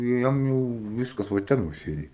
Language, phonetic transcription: Lithuanian, ˈjam jau ˈviskas va ˈten va ˈsėdi

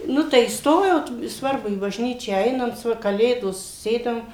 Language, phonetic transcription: Lithuanian, ˈnu tai įsˈtojot i ˈsvarbu į bažˈnyčią ˈeinant ˈva kaˈlėdos ˈsėdam

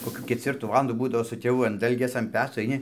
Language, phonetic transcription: Lithuanian, koˈkių kecˈvirtų ˈvalandų ˈbūdavo su tėˈvu an ˈdalgės an ˈpeco aiˈni

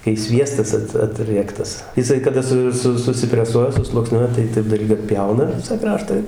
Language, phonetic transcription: Lithuanian, kai ˈsviestas ˈat aˈtriektas jiˈsai kaˈda su ˈsu susipreˈsuoja susluokˈsniuoja tai ˈtaip dalˈgiu atˈpjauna ˈvisa ˈkrašta i

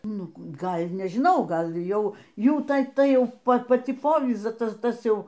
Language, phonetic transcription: Lithuanian, ˈnu ˈgal' nežˈinau ˈgal' ˈjau ˈjų ˈta ˈtai ˈjau ˈpa paˈci ˈpovyza ˈtas ˈtas ˈjau

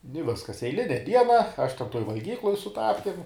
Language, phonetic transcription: Lithuanian, i ˈviskas eiˈline ˈdiena ˈaš ˈten ˈtoj valˈgykluj su ˈtapkim

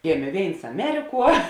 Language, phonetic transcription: Lithuanian, ˈgėmė ˈvėins aˈmeriˌkuo

